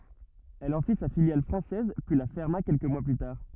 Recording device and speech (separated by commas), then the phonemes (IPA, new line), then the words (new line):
rigid in-ear microphone, read sentence
ɛl ɑ̃ fi sa filjal fʁɑ̃sɛz pyi la fɛʁma kɛlkə mwa ply taʁ
Elle en fit sa filiale française, puis la ferma quelques mois plus tard.